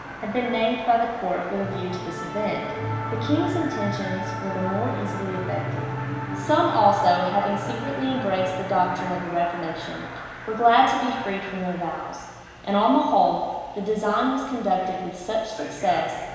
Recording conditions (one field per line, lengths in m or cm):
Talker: one person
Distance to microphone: 1.7 m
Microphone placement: close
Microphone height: 1.0 m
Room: very reverberant, large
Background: television